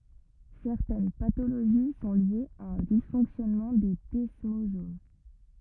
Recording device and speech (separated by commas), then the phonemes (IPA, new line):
rigid in-ear microphone, read sentence
sɛʁtɛn patoloʒi sɔ̃ ljez a œ̃ disfɔ̃ksjɔnmɑ̃ de dɛsmozom